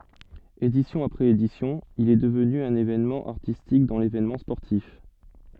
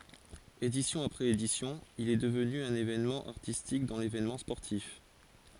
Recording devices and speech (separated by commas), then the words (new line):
soft in-ear microphone, forehead accelerometer, read sentence
Édition après édition, il est devenu un événement artistique dans l'événement sportif.